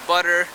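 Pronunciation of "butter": In 'butter', the t is said as a flap T.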